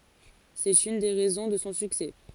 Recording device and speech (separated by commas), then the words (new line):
forehead accelerometer, read sentence
C'est une des raisons de son succès.